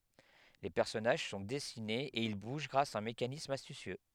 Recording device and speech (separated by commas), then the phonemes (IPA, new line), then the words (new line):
headset microphone, read sentence
le pɛʁsɔnaʒ sɔ̃ dɛsinez e il buʒ ɡʁas a œ̃ mekanism astysjø
Les personnages sont dessinés et ils bougent grâce à un mécanisme astucieux.